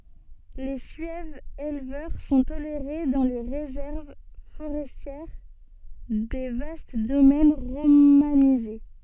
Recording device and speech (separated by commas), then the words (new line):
soft in-ear microphone, read sentence
Les Suèves éleveurs sont tolérés dans les réserves forestières des vastes domaines romanisés.